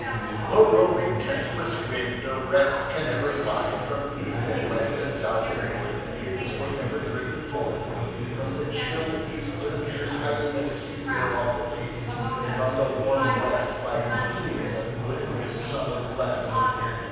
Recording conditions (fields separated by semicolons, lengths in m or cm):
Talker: one person; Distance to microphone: 7.1 m; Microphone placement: far; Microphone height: 1.7 m; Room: very reverberant, large; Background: babble